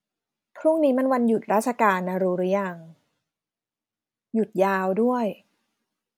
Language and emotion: Thai, neutral